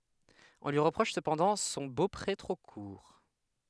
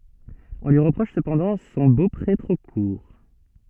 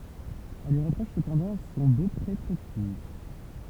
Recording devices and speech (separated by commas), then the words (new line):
headset microphone, soft in-ear microphone, temple vibration pickup, read sentence
On lui reproche cependant son beaupré trop court.